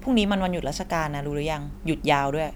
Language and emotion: Thai, frustrated